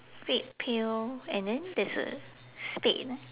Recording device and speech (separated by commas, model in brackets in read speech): telephone, conversation in separate rooms